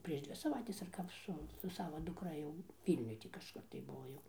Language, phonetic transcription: Lithuanian, prieš ˈdvi saˈvaites ar ˈkap ˈsu su ˈsavo dukˈra jau ˈvylniuj tį kažˈkur tai ˈbuvo jau

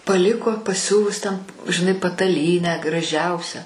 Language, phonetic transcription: Lithuanian, paˈliko paˈsiuvus ten žiˈnai pataˈlynę graˈžiausią

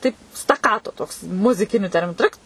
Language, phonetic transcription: Lithuanian, taip staˈkato ˈtoks muziˈkiniu ˈterminu ˈtrɨkt

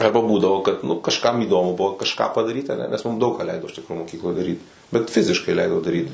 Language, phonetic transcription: Lithuanian, ˈarba ˈbūdavo kad nu kažˈkam įˈdomu ˈbuvo kažˈką padaˈryt aˈne nes mum daug ką ˈleido iš ˈtikro moˈkykloj daˈryt bet ˈfiziškai ˈleido daˈryt

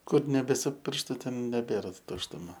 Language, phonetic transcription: Lithuanian, ˈkur neˈbesi ˈpirštu ˈten neˈbėra tuštuˈma

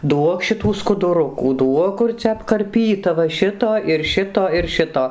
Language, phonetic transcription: Lithuanian, ˈduok šiˈtų skuduˈrukų ˈduok ˈkur cia apkarˈpyta va ˈšito ir ˈšito ir ˈšito

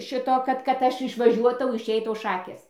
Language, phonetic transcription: Lithuanian, ˈšito ˈkad kad ˈaš išvaˈžiuotau išˈeitau ˈšakės

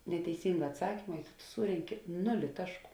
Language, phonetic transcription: Lithuanian, neteiˈsynga atˈsakima i tu tu ˈsūrenki ˈnuli ˈtašˌkų

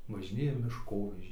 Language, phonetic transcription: Lithuanian, važiˈnėja mišˈkovežiai

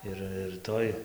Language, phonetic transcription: Lithuanian, ˈir ir ˈtoj

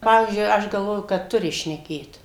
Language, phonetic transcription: Lithuanian, ˈpavyzdžiui ˈaš galˈvoju kad ˈturi šneˈkėt

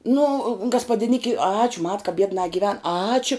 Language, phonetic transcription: Lithuanian, nu gaspadiˈniki ˈačiu mat ka ˈbiednā giˈven ˈačiu

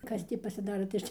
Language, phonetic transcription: Lithuanian, ˈkas tį pasiˈdaro tai ˈaš tį

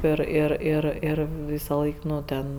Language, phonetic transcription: Lithuanian, ˈir ˈir ˈir ˈir ˈvysaˌlaik ˈnu ˈten

